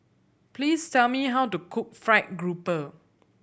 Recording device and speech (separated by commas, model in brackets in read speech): boundary microphone (BM630), read sentence